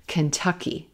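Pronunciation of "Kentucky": In 'Kentucky', the first syllable is very quick.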